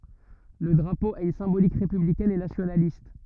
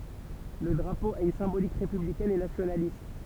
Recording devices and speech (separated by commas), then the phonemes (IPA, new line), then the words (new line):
rigid in-ear microphone, temple vibration pickup, read sentence
lə dʁapo a yn sɛ̃bolik ʁepyblikɛn e nasjonalist
Le drapeau a une symbolique républicaine et nationaliste.